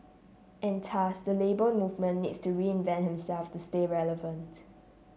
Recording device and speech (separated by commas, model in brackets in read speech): mobile phone (Samsung C7), read sentence